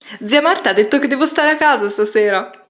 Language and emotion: Italian, happy